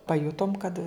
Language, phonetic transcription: Lithuanian, paˈjutom kad

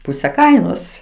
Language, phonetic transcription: Lithuanian, ˈpūse ˈkainos

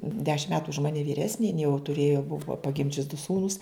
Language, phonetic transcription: Lithuanian, ˈdešim ˈmetu už ˈmani vyˈresni jin jau tuˈrėjo ˈbuvo paˈgimdžius du ˈsūnus

